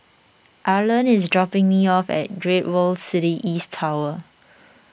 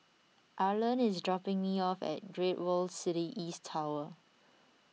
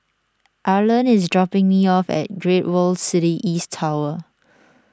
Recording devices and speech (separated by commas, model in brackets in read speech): boundary microphone (BM630), mobile phone (iPhone 6), standing microphone (AKG C214), read sentence